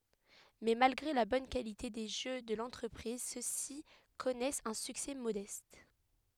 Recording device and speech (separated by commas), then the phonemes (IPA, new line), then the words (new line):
headset microphone, read sentence
mɛ malɡʁe la bɔn kalite de ʒø də lɑ̃tʁəpʁiz sø si kɔnɛst œ̃ syksɛ modɛst
Mais, malgré la bonne qualité des jeux de l'entreprise, ceux-ci connaissent un succès modeste.